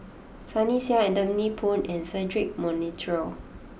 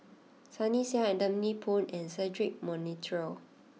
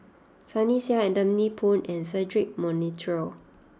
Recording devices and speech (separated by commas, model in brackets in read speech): boundary microphone (BM630), mobile phone (iPhone 6), standing microphone (AKG C214), read sentence